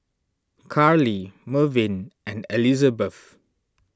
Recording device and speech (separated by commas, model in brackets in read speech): standing microphone (AKG C214), read sentence